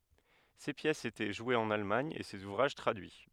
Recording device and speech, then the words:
headset microphone, read sentence
Ses pièces étaient jouées en Allemagne et ses ouvrages traduits.

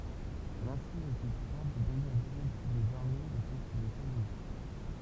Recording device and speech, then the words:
temple vibration pickup, read sentence
L'insigne du grade de brigadier des armées était une étoile unique.

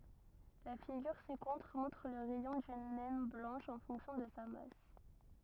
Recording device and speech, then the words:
rigid in-ear microphone, read sentence
La figure ci-contre montre le rayon d'une naine blanche en fonction de sa masse.

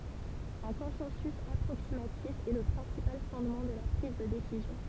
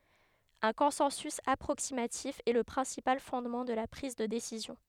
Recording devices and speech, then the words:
temple vibration pickup, headset microphone, read sentence
Un consensus approximatif est le principal fondement de la prise de décision.

